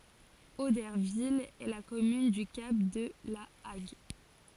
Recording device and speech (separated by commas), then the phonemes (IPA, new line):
forehead accelerometer, read sentence
odɛʁvil ɛ la kɔmyn dy kap də la aɡ